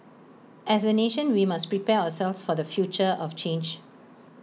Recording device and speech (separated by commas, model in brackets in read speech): mobile phone (iPhone 6), read sentence